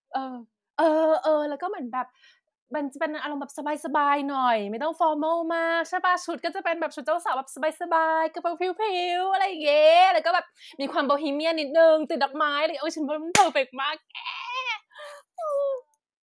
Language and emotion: Thai, happy